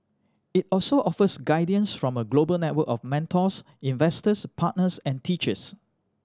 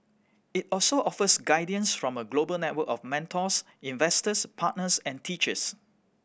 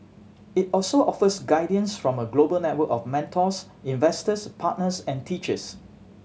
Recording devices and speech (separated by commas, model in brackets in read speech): standing microphone (AKG C214), boundary microphone (BM630), mobile phone (Samsung C7100), read sentence